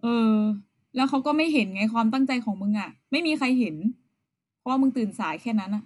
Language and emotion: Thai, neutral